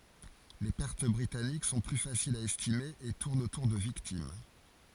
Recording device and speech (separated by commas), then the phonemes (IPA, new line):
forehead accelerometer, read sentence
le pɛʁt bʁitanik sɔ̃ ply fasilz a ɛstime e tuʁnt otuʁ də viktim